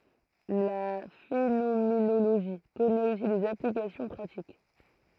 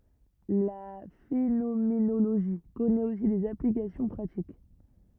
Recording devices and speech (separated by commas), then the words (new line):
throat microphone, rigid in-ear microphone, read sentence
La phénoménologie connaît aussi des applications pratiques.